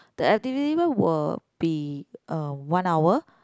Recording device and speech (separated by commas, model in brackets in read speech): close-talking microphone, conversation in the same room